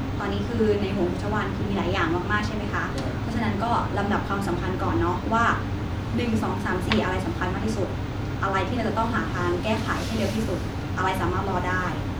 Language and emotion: Thai, neutral